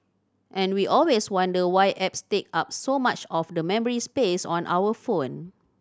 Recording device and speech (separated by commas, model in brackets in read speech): standing microphone (AKG C214), read sentence